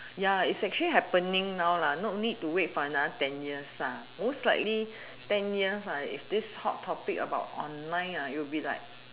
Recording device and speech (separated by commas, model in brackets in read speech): telephone, conversation in separate rooms